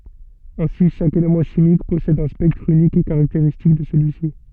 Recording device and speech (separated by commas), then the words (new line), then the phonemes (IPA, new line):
soft in-ear microphone, read sentence
Ainsi chaque élément chimique possède un spectre unique et caractéristique de celui-ci.
ɛ̃si ʃak elemɑ̃ ʃimik pɔsɛd œ̃ spɛktʁ ynik e kaʁakteʁistik də səlyi si